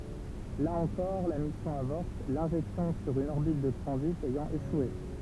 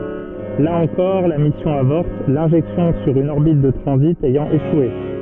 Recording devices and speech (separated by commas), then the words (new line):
temple vibration pickup, soft in-ear microphone, read sentence
Là encore, la mission avorte, l'injection sur une orbite de transit ayant échoué.